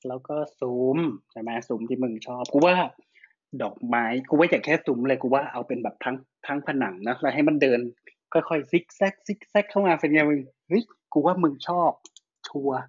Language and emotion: Thai, happy